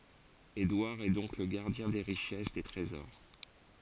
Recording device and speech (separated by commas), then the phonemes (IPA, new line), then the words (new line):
forehead accelerometer, read sentence
edwaʁ ɛ dɔ̃k lə ɡaʁdjɛ̃ de ʁiʃɛs de tʁezɔʁ
Édouard est donc le gardien des richesses, des trésors.